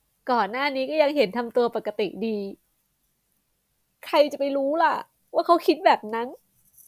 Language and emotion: Thai, sad